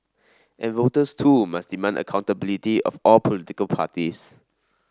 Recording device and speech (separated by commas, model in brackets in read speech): standing microphone (AKG C214), read sentence